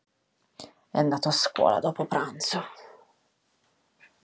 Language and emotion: Italian, disgusted